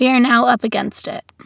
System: none